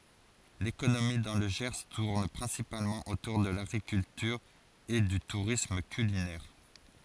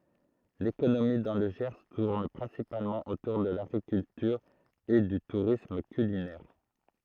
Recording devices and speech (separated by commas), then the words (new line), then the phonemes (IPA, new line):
forehead accelerometer, throat microphone, read sentence
L'économie dans le Gers tourne principalement autour de l'agriculture et du tourisme culinaire.
lekonomi dɑ̃ lə ʒɛʁ tuʁn pʁɛ̃sipalmɑ̃ otuʁ də laɡʁikyltyʁ e dy tuʁism kylinɛʁ